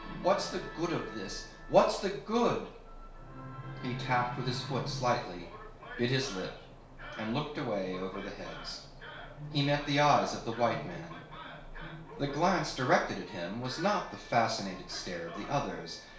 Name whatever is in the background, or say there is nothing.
A television.